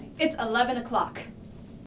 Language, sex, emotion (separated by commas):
English, female, angry